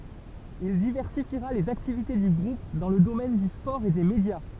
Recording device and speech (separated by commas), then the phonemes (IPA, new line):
temple vibration pickup, read sentence
il divɛʁsifiʁa lez aktivite dy ɡʁup dɑ̃ lə domɛn dy spɔʁ e de medja